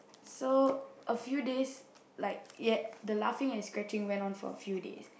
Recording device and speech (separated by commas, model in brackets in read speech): boundary microphone, conversation in the same room